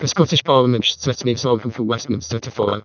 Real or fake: fake